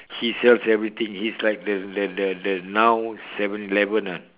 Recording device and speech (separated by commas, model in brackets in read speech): telephone, conversation in separate rooms